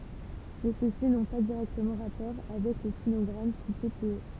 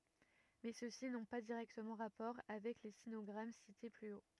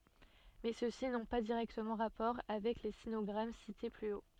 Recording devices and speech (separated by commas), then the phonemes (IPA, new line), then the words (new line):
temple vibration pickup, rigid in-ear microphone, soft in-ear microphone, read sentence
mɛ søksi nɔ̃ pa diʁɛktəmɑ̃ ʁapɔʁ avɛk le sinɔɡʁam site ply o
Mais ceux-ci n'ont pas directement rapport avec les sinogrammes cités plus haut.